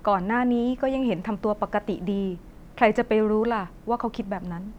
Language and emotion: Thai, neutral